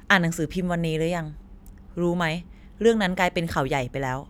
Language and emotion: Thai, neutral